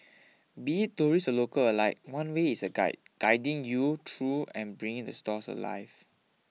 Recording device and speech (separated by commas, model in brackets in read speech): mobile phone (iPhone 6), read sentence